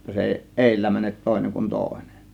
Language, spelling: Finnish, jotta se ei edellä mene toinen kuin toinen
- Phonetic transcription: ʲotta 'se èi "ˀèillä 'mänet 'tòėneŋ kun "tòėnEN .

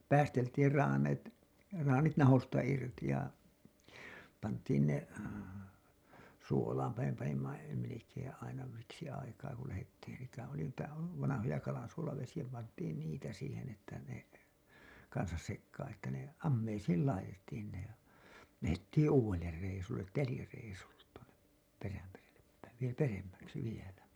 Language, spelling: Finnish, päästettiin - traanit nahoista irti ja pantiin ne suolaanpa me panimme melkein aina siksi aikaa kun lähdettiin sitä oli niitä vanhoja kalansuolavesiä pantiin niitä siihen että ne kanssa sekaan että ne ammeisiin laitettiin ne lähdettiin uudelle reissulle telireissulle tuonne Perämerelle päin - peremmäksi vielä
- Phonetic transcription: 'päästettir raane§e§t , raanit nahosta irti ja , pant̀iin ne , 'suolaampa me panimma , melekeeḛ aina siksi aikaa ku lähettiin sitä oli niitä , vanahoja 'kalansuolavesiʲä pant̀iin niitä siihen ‿että ne , kansas sekkaan että ne , 'ammeisiil 'laitettiin ne , lähettiiḭ 'uuWeller reisullet "telireisulle , tuonep , 'Perämerellep päiv vie- , "peremmäksi 'vielä .

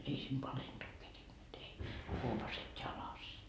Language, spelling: Finnish, ei siinä palentua kerinnyt ei huopaset jalassa
- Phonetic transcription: 'ei siim "palenDuu kerinnyt ei , 'huopaset 'jalas .

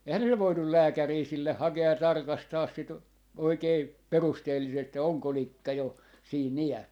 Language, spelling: Finnish, eihän ne nyt voinut lääkäriä sille hakea ja tarkastaa sitä oikein perusteellisesti ja onko likka jo siinä iässä
- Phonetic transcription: eihän ne nyv 'voinnul "lääkärii sille 'hake₍a ja 'tarkastaas sit , 'oikei "perusteellisest ja 'oŋko 'likka 'jo , 'siin "ijä(s) .

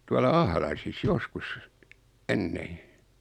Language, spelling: Finnish, tuolla Ahlaisissa joskus ennen
- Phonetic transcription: tuala 'Ahlaisis 'joskus , 'ennee .

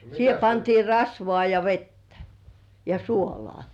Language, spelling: Finnish, siihen pantiin rasvaa ja vettä ja suolaa
- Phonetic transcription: 'siihe pantii "rasvoà ja "vettä , ja "suoloà .

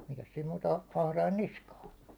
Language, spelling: Finnish, mikäs siinä muuta - atrain niskaan
- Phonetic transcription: mikäs siim muuta 'ah- 'ahrain "niskaa .

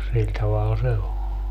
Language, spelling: Finnish, sillä tavalla se on
- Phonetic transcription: 'siĺ taval 'se o .

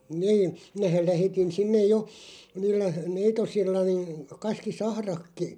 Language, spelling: Finnish, niin minähän lähetin sinne jo niillä neitosilla niin kaskisahratkin
- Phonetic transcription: 'niin̬ , 'minähäˡ 'lähetin 'sinnej "jo , 'niillä "neitosilla niin̬ , 'kaski"sahrakki ,.

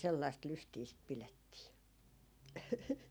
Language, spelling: Finnish, sellaista lystiä sitä pidettiin
- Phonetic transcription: 'sellaist 'lystii sit 'pilettii .

